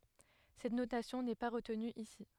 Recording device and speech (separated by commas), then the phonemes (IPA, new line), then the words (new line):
headset microphone, read sentence
sɛt notasjɔ̃ nɛ pa ʁətny isi
Cette notation n'est pas retenue ici.